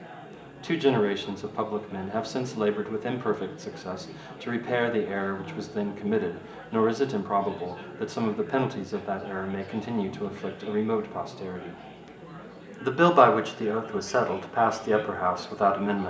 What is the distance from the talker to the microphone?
1.8 m.